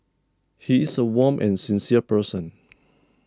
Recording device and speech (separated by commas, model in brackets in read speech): standing microphone (AKG C214), read sentence